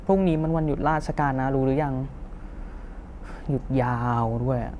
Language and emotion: Thai, frustrated